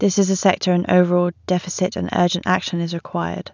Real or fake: real